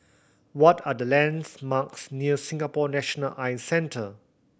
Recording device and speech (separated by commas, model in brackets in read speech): boundary microphone (BM630), read sentence